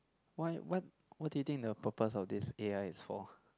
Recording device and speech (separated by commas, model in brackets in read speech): close-talking microphone, conversation in the same room